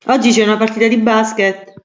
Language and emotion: Italian, happy